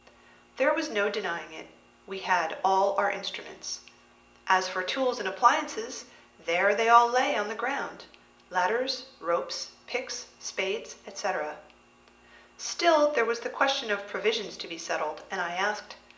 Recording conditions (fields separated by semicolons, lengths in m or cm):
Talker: one person; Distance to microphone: 1.8 m; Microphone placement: close; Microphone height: 1.0 m; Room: large; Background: none